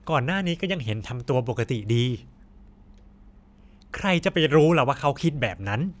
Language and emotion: Thai, frustrated